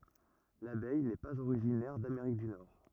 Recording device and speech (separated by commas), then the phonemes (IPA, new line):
rigid in-ear microphone, read sentence
labɛj nɛ paz oʁiʒinɛʁ dameʁik dy nɔʁ